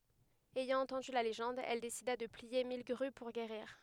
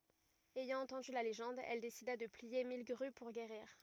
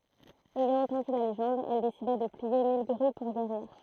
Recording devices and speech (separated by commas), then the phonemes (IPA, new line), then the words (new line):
headset microphone, rigid in-ear microphone, throat microphone, read sentence
ɛjɑ̃ ɑ̃tɑ̃dy la leʒɑ̃d ɛl desida də plie mil ɡʁy puʁ ɡeʁiʁ
Ayant entendu la légende, elle décida de plier mille grues pour guérir.